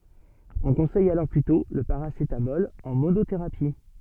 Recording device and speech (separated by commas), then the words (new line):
soft in-ear microphone, read sentence
On conseille alors plutôt le paracétamol en monothérapie.